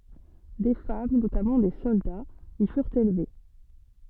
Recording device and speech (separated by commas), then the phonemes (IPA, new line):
soft in-ear microphone, read sentence
de fam notamɑ̃ de sɔldaz i fyʁt elve